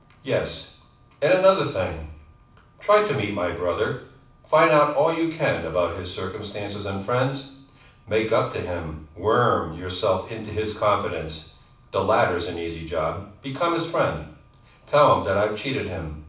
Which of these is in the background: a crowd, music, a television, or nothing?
Nothing.